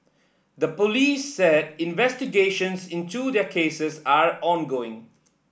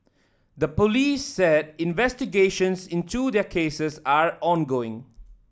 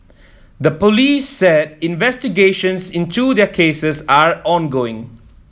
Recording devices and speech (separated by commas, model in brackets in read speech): boundary microphone (BM630), standing microphone (AKG C214), mobile phone (iPhone 7), read sentence